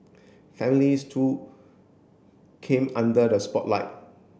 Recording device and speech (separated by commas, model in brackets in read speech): boundary microphone (BM630), read sentence